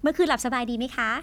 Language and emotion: Thai, happy